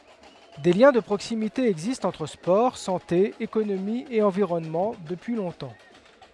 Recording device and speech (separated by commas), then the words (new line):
headset microphone, read sentence
Des liens de proximité existent entre sport, santé, économie et environnement, depuis longtemps.